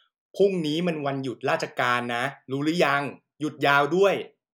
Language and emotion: Thai, frustrated